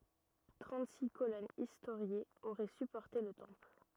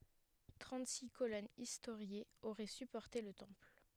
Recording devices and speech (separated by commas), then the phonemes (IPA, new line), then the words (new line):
rigid in-ear microphone, headset microphone, read sentence
tʁɑ̃tziks kolɔnz istoʁjez oʁɛ sypɔʁte lə tɑ̃pl
Trente-six colonnes historiées auraient supporté le temple.